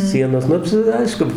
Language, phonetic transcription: Lithuanian, ˈsienos ˈnu čia ˈaišku

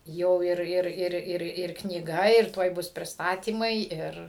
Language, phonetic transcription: Lithuanian, ˈjau ˈir ˈir ˈir ˈir ir knyˈga ir ˈtuoj ˈbus prisˈtatymai ˈir

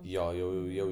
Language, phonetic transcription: Lithuanian, ˈjo jau jau ˈjau

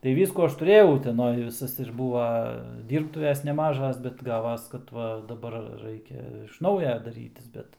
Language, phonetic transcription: Lithuanian, tai ˈvyskų ˈaš tuˈrėjau uteˈnoj viˈsas ir ˈbūva ˈdyrbtuves neˈmažas bet ˈgavas kad ˈva daˈbar ˈraikia iš ˈnauja daˈrytis ˈbet

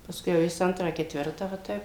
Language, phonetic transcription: Lithuanian, pasˈkui jau ˈjis ˈantrą ketˈvirtą va ˈtaip

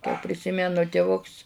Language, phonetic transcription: Lithuanian, kai priˈsimenu tiˈvuks

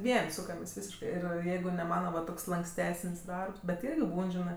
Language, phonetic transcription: Lithuanian, ˈvien' ˈsūkamės' ˈvysiškɜ ˈir ˈjeigu ne ˈmana va ˈtoks lanksˈtesən's' ˈdarbs bet ˈirgi ˈbūn ˈžinɜ

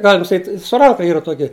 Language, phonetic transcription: Lithuanian, ˈgalim saˈkyt' su rˈanka ˈyra ˈtuoki

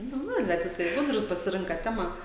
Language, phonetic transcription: Lithuanian, ˈnu ˈnu ˈbet ˈjisai ˈgudrus pasiˈrinka ˈtemą

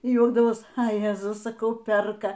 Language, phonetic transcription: Lithuanian, y ˈjuokdavos a ˈjezus saˈkau ˈperka

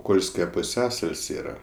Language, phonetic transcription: Lithuanian, ˈkolske puˈsiasal's' ˈyra

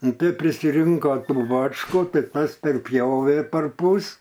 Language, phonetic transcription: Lithuanian, ˈnu ˈtai prisiˈrinko ˈtų ˈbačku ˈtai ˈtas perˈpjovė parˈpus

